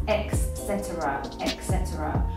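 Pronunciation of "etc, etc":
'Etc' is pronounced incorrectly here: the speaker says it with an X sound that doesn't belong in the word.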